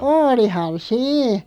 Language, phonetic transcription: Finnish, oolihan "sii .
- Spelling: olihan siinä

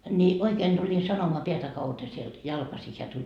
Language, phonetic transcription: Finnish, ni , 'oikeen Duĺin 'sanomoa 'peätä kauta sielD » , 'jalkasi heä tuĺ .
- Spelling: niin oikein tulin sanomaan päätä kautta sieltä jalkaisin hän tuli

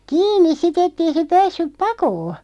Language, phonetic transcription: Finnish, kiin̆nis si't ‿ettei se 'päässyp "pakoo .
- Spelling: kiinni sitten että ei se päässyt pakoon

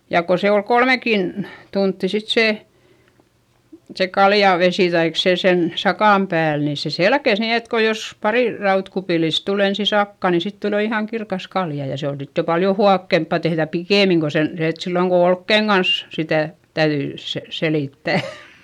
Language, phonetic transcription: Finnish, ja ko se ol kolmekin , tuntti sit sè , se kaljàvesì taik se sen , sakàm pääl nì se selkes ni et ko jos , parì rautkupìlis tul ‿ensi sakkà ni sit tul jo ihàŋ kirkas kalja - ja se on sit jo paljo huakkempa tehδä pikèmiŋ ko sen , se et silloŋ ko olkkeiŋ Gans , sitä̀ , täyδyi , se- , selìttä̀ .
- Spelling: ja kun se oli kolmekin tuntia sitten se se kaljavesi tai se sen sakan päällä niin se selkesi niin että kun jos pari rautakupillista tuli ensin sakkaa niin sitten tuli jo ihan kirkas kalja ja se on sitten jo paljon huokeampaa tehdä pikemmin kuin sen se että silloin kun olkien kanssa sitä täytyi - selittää

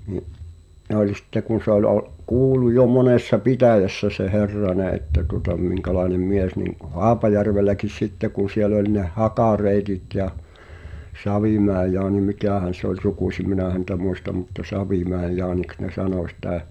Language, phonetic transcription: Finnish, ni’ , 'ne ‿olⁱ sitte kun̬ sᵉ ‿oĺ o’- , 'kuulu jo 'monessa "pitä̀jässä se 'Herrane ’että tuŏta 'miŋka̳laenem "mies niŋ kᵁ "Haapajärvelläkis 'sitte kun̬ siel ‿oĺ ne "Hakareetit ja , 'Savìmäe Jaani "mikä̀hän̬ se ‿oĺ 'sukùśim̆ 'minä̀ häntä 'muista mutta "Savìmä̀i̬j Jaaniks ne 'sanò sⁱtä̀ .
- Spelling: niin ne oli sitten kun se oli - kuului jo monessa pitäjässä se Herranen että tuota minkälainen mies niin kuin Haapajärvelläkin sitten kun siellä oli ne Haka-Reetit ja Savimäen Jaani mikähän se oli sukuisin minä häntä muista mutta Savimäen Jaaniksi ne sanoi sitä

